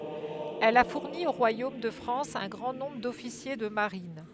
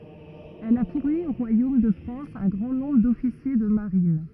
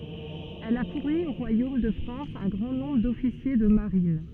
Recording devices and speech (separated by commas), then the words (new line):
headset microphone, rigid in-ear microphone, soft in-ear microphone, read sentence
Elle a fourni au royaume de France un grand nombre d'officiers de marine.